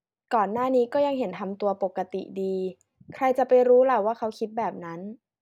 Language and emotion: Thai, neutral